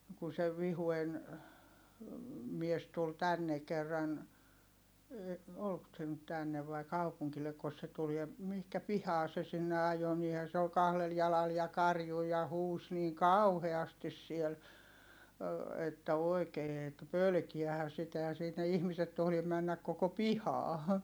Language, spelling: Finnish, kun se Vihuen mies tuli tänne kerran oliko se nyt tänne vai kaupungilleko se tuli ja mihin pihaan se sinne ajoi niinhän se oli kahdella jalalla ja karjui ja huusi niin kauheasti siellä että oikein että pelkäähän sitä eihän sinne ihmiset tohdi mennä koko pihaan
- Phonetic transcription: kun se Vihuen , mies tul tänne kerran , olk se nyt tännev vai̮ kaupuŋkillekkos se tul ja , mihkä pihaa se sinne ajo - niihä se ol kahlel jalal ja karju ja huus niiŋ kauheastis siel , että oi̮kee ettᵃ̈ pölkiähä sitä ehän̬ sinne ihmiset tohlim männäk koko pihaa .

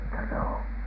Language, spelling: Finnish, mutta ne on
- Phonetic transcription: mutta n ‿oo ,.

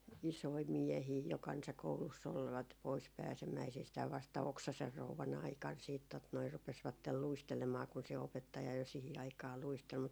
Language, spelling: Finnish, isoja miehiä jo kansakoulussa olivat pois pääsemäisistään vasta Oksasen rouvan aikana sitten tuota noin rupesivat luistelemaan kun se opettaja jo siihen aikaan luisteli mutta
- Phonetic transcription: 'isoi "miɛhii jo 'kansakouluss ‿olvat , 'pois 'pääsemäisistääv vasta "Oksaser 'rouvan ‿aikan siit 'tot noi 'rupesvattel 'luistelemaa kun se 'opettaja jo 'sihi aikaa "luistel mut ,.

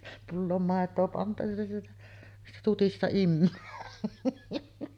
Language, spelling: Finnish, pulloon maitoa pantu ja sieltä siitä tutista imee
- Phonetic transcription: 'pulloom 'màet̀oo pantu ja sieltä , siitä 'tutista 'immöö .

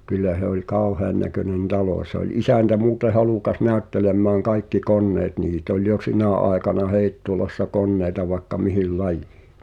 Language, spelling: Finnish, kyllä se oli kauheannäköinen talo se oli isäntä muuten halukas näyttelemään kaikki koneet niitä oli jo sinä aikana Heittolassa koneita vaikka mihin lajiin
- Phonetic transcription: kyllä h̳e ‿oĺ "kauheannäkönen 'talò , se ‿oĺ "isäntä muute 'halùkas 'nä̀öttelemmääŋ "kaikki 'konneet 'niit ‿oĺ jo "sinä̀ àekana 'Hèittolassa 'konnèi̬ta vaĕkka 'mihil "laᴊᴊɪɪ .

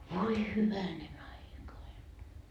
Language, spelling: Finnish, voi hyvänen aika aina
- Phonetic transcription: 'voi "hyvänen ‿aika ain .

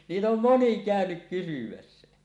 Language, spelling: Finnish, niitä on moni käynyt kysymässä
- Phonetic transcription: 'niit ‿om "moni 'kä̀önyk 'kysymässä .

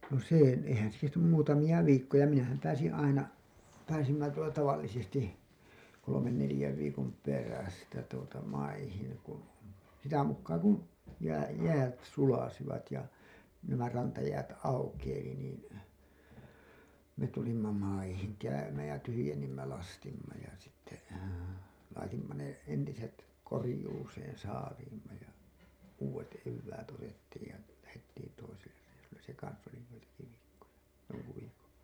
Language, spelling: Finnish, no se eihän se kestänyt muutamia viikkoja minähän pääsin aina pääsimme tuota tavallisesti kolmen neljän viikon perästä tuota maihin kun sitä mukaa kun - jäät sulivat ja nämä rantajäät aukeili niin me tulimme maihin käymään ja tyhjensimme lastimme ja sitten laitoimme ne entiset korjuuseen saaliimme ja uudet eväät otettiin ja lähdettiin toiselle reissulle se kanssa oli joitakin viikkoja jonkun viikon
- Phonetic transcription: no 'sè , eihän se kestänym 'muutamiʲa 'viikkoja minähäm pääsin 'aina , pääsimmä tuota 'tavallisesti , kolomen nelĭjäv viikom "perästä tuota 'maihiŋ kun , sitä mukkaa kun , jää- , 'jäät 'sulasivat ja , nämä 'rantajäät "aukeili niin , me tulimma maihiŋ 'käymääj ja tyhyjennimmä lastimma ja sitte , laitimma ne , entiset , 'korĭjuuseen 'saaliimma ja , 'uuwet 'evväät otettiij ja , lähettiin toiseller reisulles se 'kans oli joitaki viikkoja , joŋku viikon̬ .

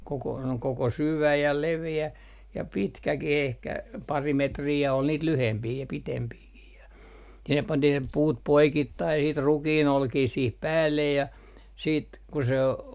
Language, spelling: Finnish, koko koko syvä ja leveä ja pitkäkin ehkä pari metriä ja oli niitä lyhempiä ja pitempiäkin ja sinne pantiin ne puut poikittain sitten rukiinolkia siihen päälle ja sitten kun se on
- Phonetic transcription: koko , koko 'syvä ja 'leve₍ä , ja pitkäki'h ‿ehkä , 'pari 'metrii ja ol niit 'lyhempii ja pitempiikih ja , 'sinnep pantih ne 'puut "poikittai sit 'rukii"nolkii siih 'päällej ja , siit , ku se ‿o ,.

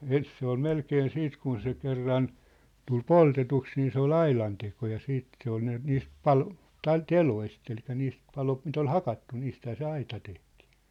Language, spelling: Finnish, ensin se oli melkein sitten kun se kerran tuli poltetuksi niin se oli aidanteko ja sitten se oli ne niistä - tai teloista eli niistä paloista mitä oli hakattu niistähän se aita tehtiin
- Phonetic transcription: ens se ‿ol "melkeen "siit kun se 'kerran , tul "poltetuks nii se ‿ol "ailanteko ja 'siit , se ‿ol ne , 'niist "palo- , tai 'teloist elik̀ä niist 'palost mit ‿ol "hakattu 'niisthää se "aita tehtɪɪ .

